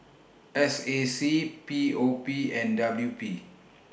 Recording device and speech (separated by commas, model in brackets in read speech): boundary microphone (BM630), read sentence